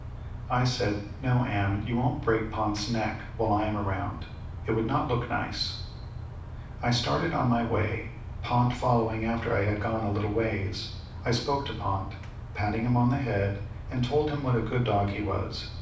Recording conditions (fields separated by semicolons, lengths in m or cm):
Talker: one person; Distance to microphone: 5.8 m; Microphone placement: far; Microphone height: 1.8 m; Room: medium-sized (5.7 m by 4.0 m); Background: none